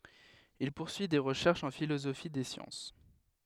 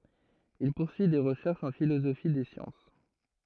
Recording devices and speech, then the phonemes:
headset microphone, throat microphone, read sentence
il puʁsyi de ʁəʃɛʁʃz ɑ̃ filozofi de sjɑ̃s

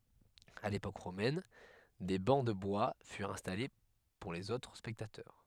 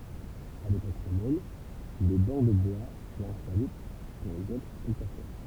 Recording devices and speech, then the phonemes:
headset microphone, temple vibration pickup, read sentence
a lepok ʁomɛn de bɑ̃ də bwa fyʁt ɛ̃stale puʁ lez otʁ spɛktatœʁ

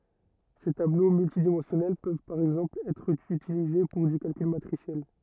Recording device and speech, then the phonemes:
rigid in-ear microphone, read sentence
se tablo myltidimɑ̃sjɔnɛl pøv paʁ ɛɡzɑ̃pl ɛtʁ ytilize puʁ dy kalkyl matʁisjɛl

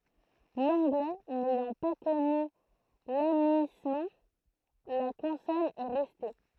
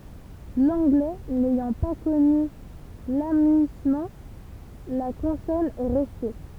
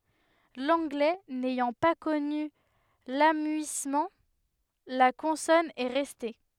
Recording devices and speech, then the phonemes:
throat microphone, temple vibration pickup, headset microphone, read sentence
lɑ̃ɡlɛ nɛjɑ̃ pa kɔny lamyismɑ̃ la kɔ̃sɔn ɛ ʁɛste

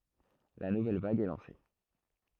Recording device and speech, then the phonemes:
throat microphone, read sentence
la nuvɛl vaɡ ɛ lɑ̃se

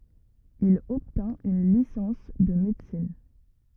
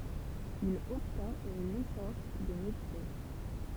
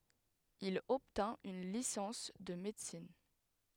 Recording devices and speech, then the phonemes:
rigid in-ear microphone, temple vibration pickup, headset microphone, read sentence
il ɔbtɛ̃t yn lisɑ̃s də medəsin

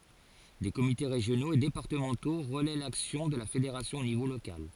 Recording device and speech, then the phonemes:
forehead accelerometer, read sentence
de komite ʁeʒjonoz e depaʁtəmɑ̃to ʁəlɛ laksjɔ̃ də la fedeʁasjɔ̃ o nivo lokal

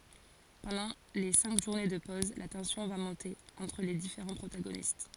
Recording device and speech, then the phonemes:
forehead accelerometer, read sentence
pɑ̃dɑ̃ le sɛ̃k ʒuʁne də pɔz la tɑ̃sjɔ̃ va mɔ̃te ɑ̃tʁ le difeʁɑ̃ pʁotaɡonist

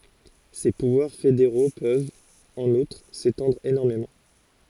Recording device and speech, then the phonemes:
forehead accelerometer, read sentence
se puvwaʁ fedeʁo pøvt ɑ̃n utʁ setɑ̃dʁ enɔʁmemɑ̃

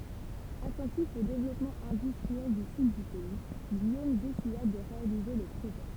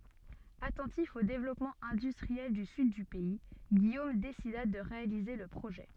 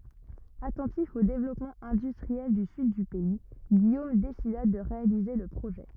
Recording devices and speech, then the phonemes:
temple vibration pickup, soft in-ear microphone, rigid in-ear microphone, read sentence
atɑ̃tif o devlɔpmɑ̃ ɛ̃dystʁiɛl dy syd dy pɛi ɡijom desida də ʁealize lə pʁoʒɛ

